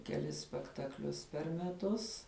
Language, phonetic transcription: Lithuanian, keˈlis spektakˈlius per meˈtus

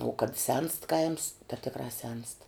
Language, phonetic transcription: Lithuanian, uo kad senst kaims ta ˈtikrā ˈsenst

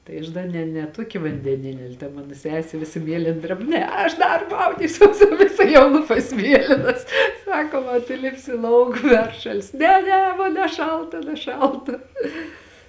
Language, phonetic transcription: Lithuanian, tai ˈaš da ˈne ne ˈtuoki vandeˈnini al' ta ˈmano ˈsesė ˈvisa ˈmielėn ˈdreb ˈne ˈaš dar ˈmaudysiuos viˈsa jau ˈlūpas ˈmielinas ˈsakom a tu ˈlipsi ˈlauk ˈperšalsi ˈne ˈne ˈmon neˈšalta neˈšalta

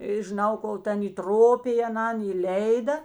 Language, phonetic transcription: Lithuanian, i žiˈnau ˈkol ˈten įˈtropij aˈnan įˈleida

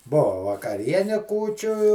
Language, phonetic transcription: Lithuanian, ˈbuva vakaˈriene ˈkūčiu

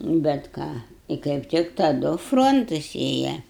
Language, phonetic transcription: Lithuanian, bet ˈką i kaip ˈtik taˈdu ˈfrontus ˈėja

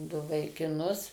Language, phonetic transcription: Lithuanian, ˈdu vaikiˈnus

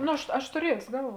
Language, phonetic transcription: Lithuanian, ˈno aš ˈaš tuˈriesio ˈgalˌvuo

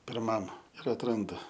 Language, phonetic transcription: Lithuanian, pirˈmam ir atˈrandu

